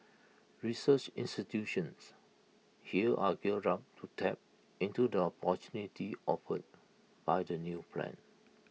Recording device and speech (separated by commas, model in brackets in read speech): mobile phone (iPhone 6), read sentence